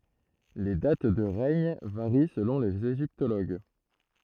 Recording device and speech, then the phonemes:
throat microphone, read sentence
le dat də ʁɛɲ vaʁi səlɔ̃ lez eʒiptoloɡ

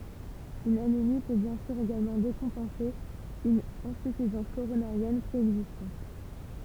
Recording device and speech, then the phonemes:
temple vibration pickup, read sentence
yn anemi pø bjɛ̃ syʁ eɡalmɑ̃ dekɔ̃pɑ̃se yn ɛ̃syfizɑ̃s koʁonaʁjɛn pʁeɛɡzistɑ̃t

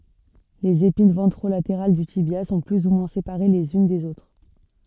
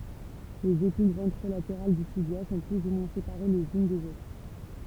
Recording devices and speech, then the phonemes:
soft in-ear microphone, temple vibration pickup, read sentence
lez epin vɑ̃tʁolateʁal dy tibja sɔ̃ ply u mwɛ̃ sepaʁe lez yn dez otʁ

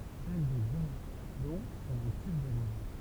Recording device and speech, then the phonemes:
temple vibration pickup, read sentence
sɛl de buʁdɔ̃ sɔ̃t ɑ̃ tyb də ʁozo

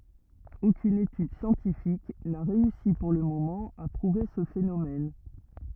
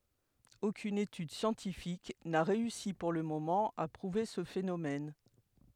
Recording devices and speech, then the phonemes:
rigid in-ear microphone, headset microphone, read sentence
okyn etyd sjɑ̃tifik na ʁeysi puʁ lə momɑ̃ a pʁuve sə fenomɛn

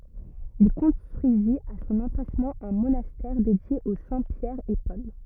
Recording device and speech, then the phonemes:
rigid in-ear microphone, read sentence
il kɔ̃stʁyizit a sɔ̃n ɑ̃plasmɑ̃ œ̃ monastɛʁ dedje o sɛ̃ pjɛʁ e pɔl

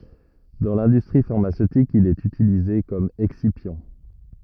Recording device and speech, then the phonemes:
rigid in-ear microphone, read sentence
dɑ̃ lɛ̃dystʁi faʁmasøtik il ɛt ytilize kɔm ɛksipjɑ̃

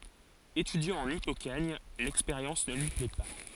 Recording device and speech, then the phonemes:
forehead accelerometer, read sentence
etydjɑ̃ ɑ̃n ipokaɲ lɛkspeʁjɑ̃s nə lyi plɛ pa

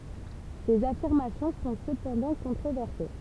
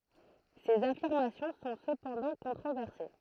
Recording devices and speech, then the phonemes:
temple vibration pickup, throat microphone, read sentence
sez afiʁmasjɔ̃ sɔ̃ səpɑ̃dɑ̃ kɔ̃tʁovɛʁse

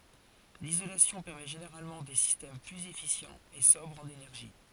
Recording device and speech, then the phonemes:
forehead accelerometer, read sentence
lizolasjɔ̃ pɛʁmɛ ʒeneʁalmɑ̃ de sistɛm plyz efisjɑ̃z e sɔbʁz ɑ̃n enɛʁʒi

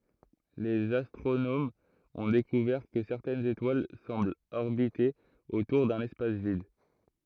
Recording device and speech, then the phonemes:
throat microphone, read sentence
lez astʁonomz ɔ̃ dekuvɛʁ kə sɛʁtɛnz etwal sɑ̃blt ɔʁbite otuʁ dœ̃n ɛspas vid

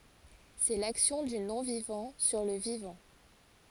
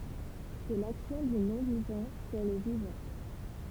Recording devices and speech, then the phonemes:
forehead accelerometer, temple vibration pickup, read sentence
sɛ laksjɔ̃ dy nɔ̃vivɑ̃ syʁ lə vivɑ̃

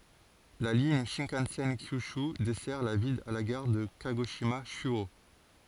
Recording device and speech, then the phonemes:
forehead accelerometer, read sentence
la liɲ ʃɛ̃kɑ̃sɛn kjyʃy dɛsɛʁ la vil a la ɡaʁ də kaɡoʃima ʃyo

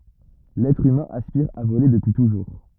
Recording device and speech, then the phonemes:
rigid in-ear microphone, read sentence
lɛtʁ ymɛ̃ aspiʁ a vole dəpyi tuʒuʁ

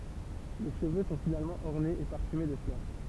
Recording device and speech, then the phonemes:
temple vibration pickup, read sentence
le ʃəvø sɔ̃ finalmɑ̃ ɔʁnez e paʁfyme də flœʁ

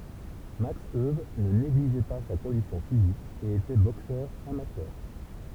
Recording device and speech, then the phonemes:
temple vibration pickup, read sentence
maks øw nə neɡliʒɛ pa sa kɔ̃disjɔ̃ fizik e etɛ boksœʁ amatœʁ

